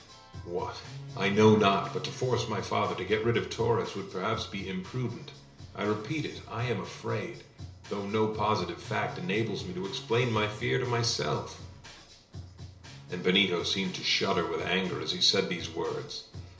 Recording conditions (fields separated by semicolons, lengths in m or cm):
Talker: one person; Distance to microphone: 1.0 m; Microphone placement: close; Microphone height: 1.1 m; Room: small (3.7 m by 2.7 m); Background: music